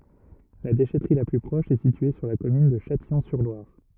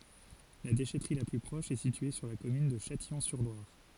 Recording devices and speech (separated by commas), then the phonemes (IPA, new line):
rigid in-ear microphone, forehead accelerometer, read sentence
la deʃɛtʁi la ply pʁɔʃ ɛ sitye syʁ la kɔmyn də ʃatijɔ̃syʁlwaʁ